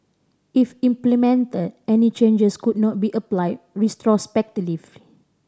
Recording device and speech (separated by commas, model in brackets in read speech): standing microphone (AKG C214), read sentence